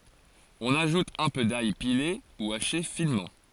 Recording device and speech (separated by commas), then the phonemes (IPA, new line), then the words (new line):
forehead accelerometer, read sentence
ɔ̃n aʒut œ̃ pø daj pile u aʃe finmɑ̃
On ajoute un peu d'ail pilé ou haché finement.